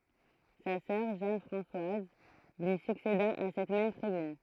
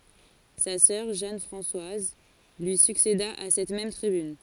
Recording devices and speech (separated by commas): throat microphone, forehead accelerometer, read sentence